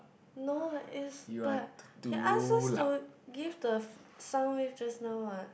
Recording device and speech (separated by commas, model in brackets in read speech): boundary microphone, conversation in the same room